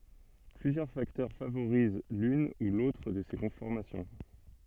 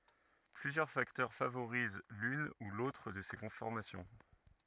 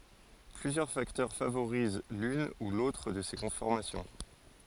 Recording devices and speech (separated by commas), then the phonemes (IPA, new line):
soft in-ear microphone, rigid in-ear microphone, forehead accelerometer, read sentence
plyzjœʁ faktœʁ favoʁiz lyn u lotʁ də se kɔ̃fɔʁmasjɔ̃